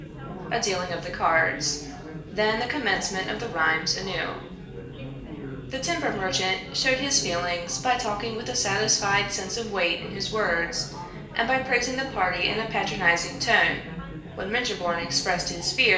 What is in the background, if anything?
Crowd babble.